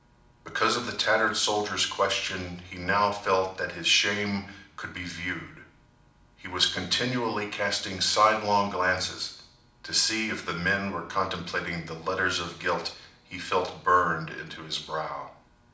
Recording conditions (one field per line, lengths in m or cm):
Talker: one person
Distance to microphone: 2.0 m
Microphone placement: close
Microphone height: 99 cm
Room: medium-sized (5.7 m by 4.0 m)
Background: none